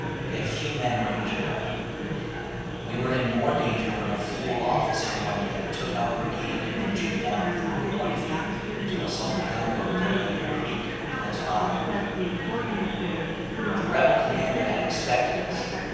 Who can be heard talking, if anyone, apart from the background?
One person.